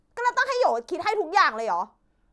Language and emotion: Thai, angry